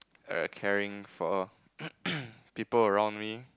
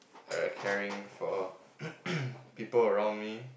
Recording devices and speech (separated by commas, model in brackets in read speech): close-talking microphone, boundary microphone, conversation in the same room